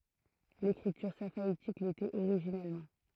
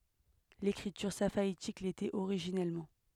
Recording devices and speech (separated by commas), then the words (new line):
throat microphone, headset microphone, read sentence
L'écriture safaïtique l'était originellement.